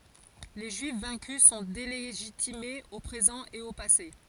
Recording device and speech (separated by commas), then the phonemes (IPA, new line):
forehead accelerometer, read sentence
le ʒyif vɛ̃ky sɔ̃ deleʒitimez o pʁezɑ̃ e o pase